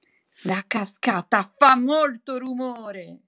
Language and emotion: Italian, angry